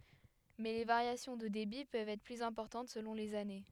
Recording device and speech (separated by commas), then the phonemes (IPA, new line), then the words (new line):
headset microphone, read sentence
mɛ le vaʁjasjɔ̃ də debi pøvt ɛtʁ plyz ɛ̃pɔʁtɑ̃t səlɔ̃ lez ane
Mais les variations de débit peuvent être plus importantes selon les années.